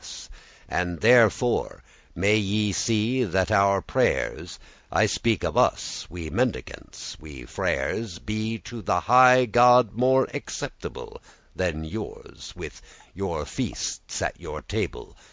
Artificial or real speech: real